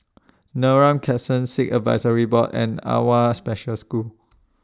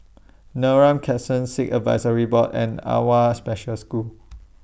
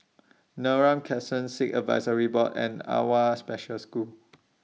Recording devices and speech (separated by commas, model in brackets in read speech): standing microphone (AKG C214), boundary microphone (BM630), mobile phone (iPhone 6), read sentence